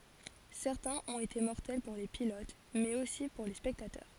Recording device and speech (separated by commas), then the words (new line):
forehead accelerometer, read sentence
Certains ont été mortels pour les pilotes, mais aussi pour les spectateurs.